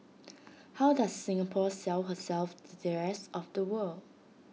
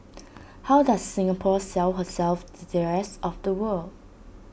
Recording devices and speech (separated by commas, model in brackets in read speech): mobile phone (iPhone 6), boundary microphone (BM630), read sentence